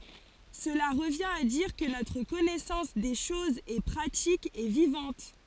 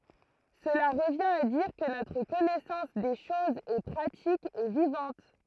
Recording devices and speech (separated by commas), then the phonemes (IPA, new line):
forehead accelerometer, throat microphone, read sentence
səla ʁəvjɛ̃t a diʁ kə notʁ kɔnɛsɑ̃s de ʃozz ɛ pʁatik e vivɑ̃t